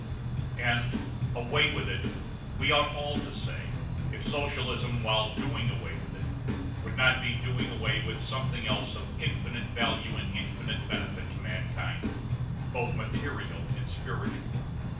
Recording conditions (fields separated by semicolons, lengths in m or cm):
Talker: one person; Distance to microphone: 5.8 m; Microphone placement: far; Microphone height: 1.8 m; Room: medium-sized (5.7 m by 4.0 m); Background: music